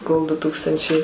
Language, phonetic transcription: Lithuanian, kol du ˈtūkstančiai

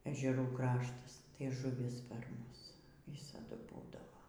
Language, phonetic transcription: Lithuanian, ežeˈrų ˈkraštas tai žuˈvis per ˈmus ˈvisadu ˈbūdavo

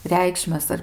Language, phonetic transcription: Lithuanian, ˈreikšmes ar

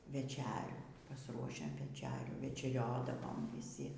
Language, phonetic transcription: Lithuanian, veˈčerių pasˈruošiam veˈčerių večeˈriodavom vyˈsi

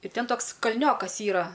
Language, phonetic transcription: Lithuanian, ir ˈten ˈtoks kalˈniokas ˈyra

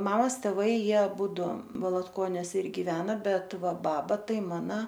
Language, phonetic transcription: Lithuanian, ˈmamas teˈvai ˈjie aˈbūdu valatˈkoniuos ir giˈveno ˈbet ˈva ˈbaba ˈtai ˈmana

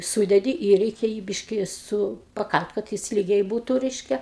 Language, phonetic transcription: Lithuanian, ˈsūdedi ir ˈreikia jį ˈbiški ˈsu paˈkal't' kad ˈjis ˈlygiai ˈbūtu ˈreiškia

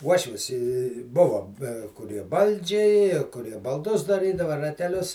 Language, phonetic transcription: Lithuanian, ˈuošvis i ˈbuvo be kuˈrie ˈbaldžiai kuˈrie balˈdus daˈrydava rateˈlius

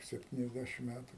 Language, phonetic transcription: Lithuanian, sepˌtyniasˈdæšim ˈmætu

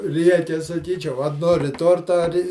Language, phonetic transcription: Lithuanian, ˈrieke saˈkyčiau a ˈnori ˈtorta ar'

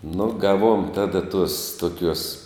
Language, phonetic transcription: Lithuanian, nu ˈgaˌvuom ˈtada tuos tuoˈkiuos

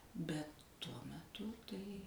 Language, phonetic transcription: Lithuanian, ˈbet ˈtuo meˈtu tai

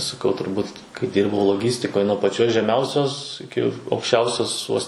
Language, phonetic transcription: Lithuanian, saˈkau turˈbūt kai ˈdyrbau loˈgystikoj nuo paˈčios žeˈmiausios iˈki aukšˈčiausios vos

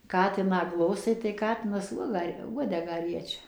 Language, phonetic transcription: Lithuanian, ˈkatiną ˈglostai tai ˈkatinas ˈuoga ˈuodegą ˈriečia

